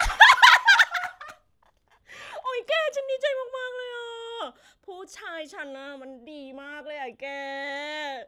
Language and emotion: Thai, happy